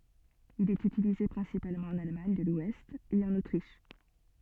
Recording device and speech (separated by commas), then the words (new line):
soft in-ear microphone, read sentence
Il est utilisé principalement en Allemagne de l'ouest et en Autriche.